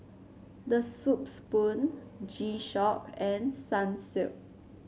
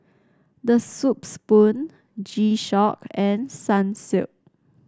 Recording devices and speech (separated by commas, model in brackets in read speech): mobile phone (Samsung C7), standing microphone (AKG C214), read sentence